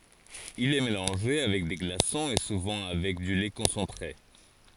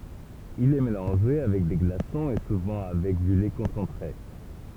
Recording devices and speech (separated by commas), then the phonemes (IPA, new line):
forehead accelerometer, temple vibration pickup, read sentence
il ɛ melɑ̃ʒe avɛk de ɡlasɔ̃z e suvɑ̃ avɛk dy lɛ kɔ̃sɑ̃tʁe